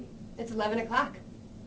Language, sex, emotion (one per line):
English
female
neutral